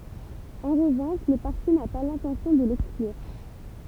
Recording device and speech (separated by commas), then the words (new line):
temple vibration pickup, read sentence
En revanche, le parti n’a pas l’intention de l'exclure.